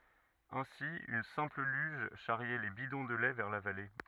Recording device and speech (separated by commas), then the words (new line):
rigid in-ear microphone, read sentence
Ainsi une simple luge charriait les bidons de lait vers la vallée.